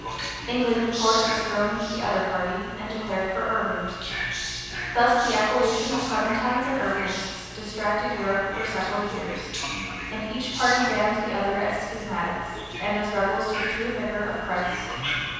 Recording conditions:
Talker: one person; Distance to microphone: 7.1 m; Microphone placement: far; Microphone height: 1.7 m; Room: very reverberant, large; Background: television

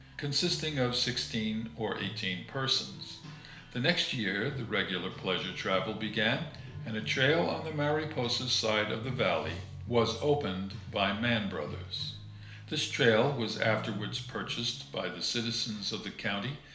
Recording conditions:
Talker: one person; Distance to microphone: 1.0 m; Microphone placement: close; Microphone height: 1.1 m; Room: small (3.7 m by 2.7 m); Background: music

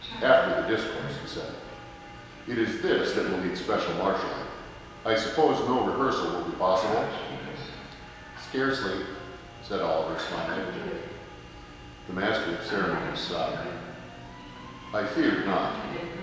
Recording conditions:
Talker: one person; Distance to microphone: 1.7 m; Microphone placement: close; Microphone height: 1.0 m; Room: very reverberant, large; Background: television

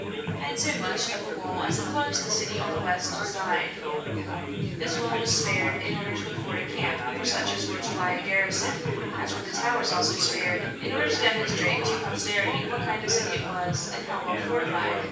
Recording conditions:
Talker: one person; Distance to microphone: 9.8 m; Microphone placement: far; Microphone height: 1.8 m; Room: large; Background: babble

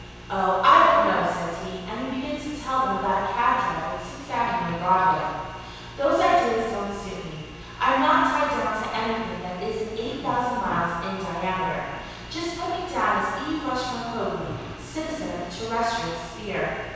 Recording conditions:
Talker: one person; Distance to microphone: 7.1 m; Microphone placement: far; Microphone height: 1.7 m; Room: very reverberant, large; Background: television

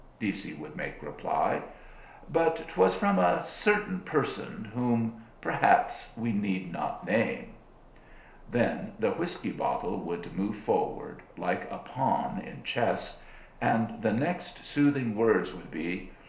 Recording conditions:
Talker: one person; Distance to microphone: 1.0 m; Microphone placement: close; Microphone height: 1.1 m; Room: small (3.7 m by 2.7 m); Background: none

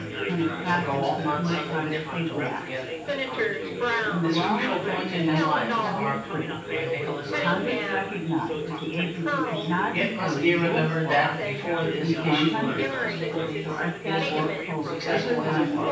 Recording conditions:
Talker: one person; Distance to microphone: 9.8 m; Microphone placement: far; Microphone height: 1.8 m; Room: large; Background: babble

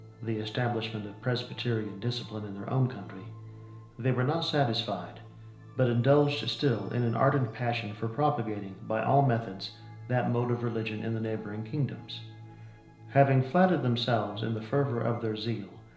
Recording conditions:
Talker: one person; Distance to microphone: 1.0 m; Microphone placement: close; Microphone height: 1.1 m; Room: small (3.7 m by 2.7 m); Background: music

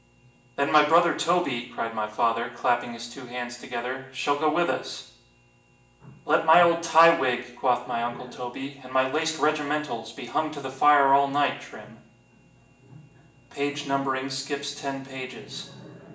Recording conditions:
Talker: one person; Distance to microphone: 1.8 m; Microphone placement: close; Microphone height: 1.0 m; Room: large; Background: television

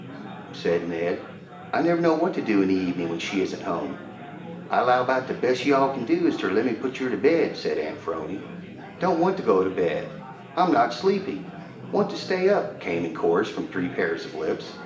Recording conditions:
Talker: one person; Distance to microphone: 1.8 m; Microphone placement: close; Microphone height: 1.0 m; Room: large; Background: babble

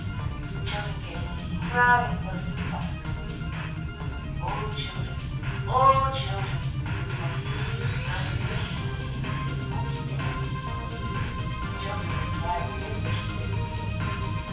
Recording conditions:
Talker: one person; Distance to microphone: 9.8 m; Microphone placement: far; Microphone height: 1.8 m; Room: large; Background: music

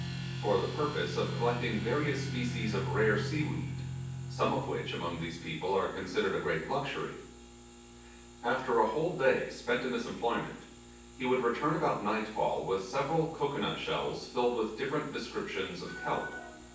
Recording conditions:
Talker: one person; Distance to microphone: 9.8 m; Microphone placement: far; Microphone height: 1.8 m; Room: large; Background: music

